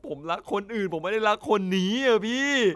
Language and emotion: Thai, sad